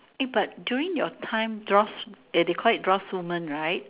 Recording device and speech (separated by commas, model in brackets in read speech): telephone, conversation in separate rooms